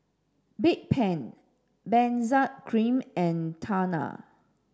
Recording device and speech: standing microphone (AKG C214), read sentence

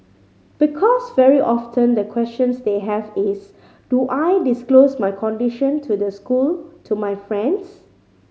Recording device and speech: mobile phone (Samsung C5010), read sentence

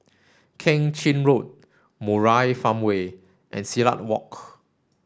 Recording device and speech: standing microphone (AKG C214), read sentence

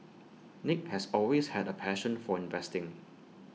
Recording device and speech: mobile phone (iPhone 6), read sentence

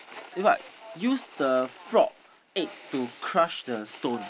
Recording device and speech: boundary microphone, conversation in the same room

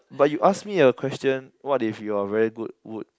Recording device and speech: close-talking microphone, conversation in the same room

